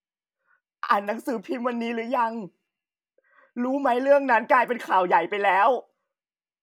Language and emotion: Thai, happy